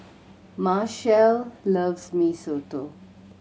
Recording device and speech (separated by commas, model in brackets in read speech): mobile phone (Samsung C7100), read sentence